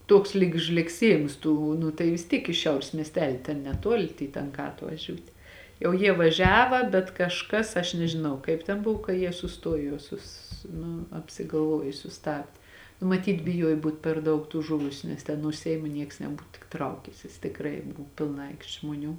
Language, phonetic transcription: Lithuanian, ˈtuoks lyg žlegˈsiejims ˈtų nu tai vis ˈtyk iš ˈšiaurės miesˈteli ten neˈtuoli tėi ˈtankā atvaˈžiūtė jau ˈjie vaˈžiava bet kažˈkas aš nežiˈnau kaip ten ˈbuv ka ˈjie suˈstuojo juoˈsus ˈnu apsigalˈvuoj suˈstabdė nu maˈtyt biˈjuoj ˈbūt per ˈdaug tų ˈžuvusiu nes ˈten nuo ˈseimo ˈnieks neˈbūt tik ˈtraukęsis tikˈrai ˈbu pilˈna ˈaikšt' žmoˈnių

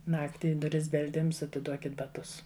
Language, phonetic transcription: Lithuanian, ˈnakti i duˈris belˈdims atiˈduokit baˈtus

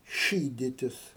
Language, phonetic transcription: Lithuanian, ˈšyditis

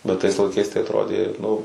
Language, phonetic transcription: Lithuanian, bet tais laiˈkais tai atˈrodė ˈnu

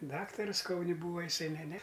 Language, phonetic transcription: Lithuanian, ˈdaktarus ˈkauni ˈbūva jiˈsai ˈne ˈne

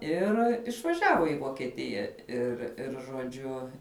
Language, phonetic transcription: Lithuanian, ˈir išvaˈžiavo į vokieˈtija ir ir žoˈdžiu

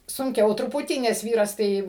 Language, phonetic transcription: Lithuanian, sunˈkiau truˈputį nes ˈvyras ˈtai

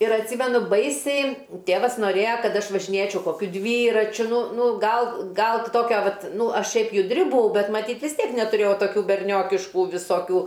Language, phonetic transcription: Lithuanian, ir atˈsymenu ˈbaisiai ˈtėvas noˈrėja ˈkad ˈaš važiˈnėčiau koˈkiu ˈdvyračiu ˈnu ˈnu ˈgal ˈgal ˈtokia ˈvat ˈnu ˈaš ˈšiaip judˈri buˈau ˈbet maˈtyt vis ˈtiek netuˈrėjau toˈkių berˈniokišku visoˈkių

